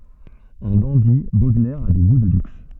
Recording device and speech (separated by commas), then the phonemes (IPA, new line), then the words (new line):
soft in-ear microphone, read sentence
ɑ̃ dɑ̃di bodlɛʁ a de ɡu də lyks
En dandy, Baudelaire a des goûts de luxe.